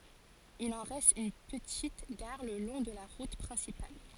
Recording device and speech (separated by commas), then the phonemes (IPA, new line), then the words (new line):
forehead accelerometer, read sentence
il ɑ̃ ʁɛst yn pətit ɡaʁ lə lɔ̃ də la ʁut pʁɛ̃sipal
Il en reste une petite gare le long de la route principale.